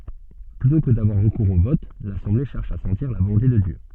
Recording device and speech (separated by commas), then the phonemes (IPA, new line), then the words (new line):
soft in-ear microphone, read sentence
plytɔ̃ kə davwaʁ ʁəkuʁz o vɔt lasɑ̃ble ʃɛʁʃ a sɑ̃tiʁ la volɔ̃te də djø
Plutôt que d'avoir recours au vote, l'assemblée cherche à sentir la volonté de Dieu.